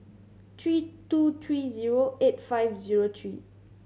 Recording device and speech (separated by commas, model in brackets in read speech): mobile phone (Samsung C7100), read sentence